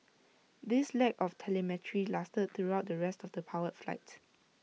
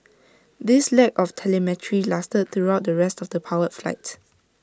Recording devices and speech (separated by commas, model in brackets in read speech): mobile phone (iPhone 6), standing microphone (AKG C214), read sentence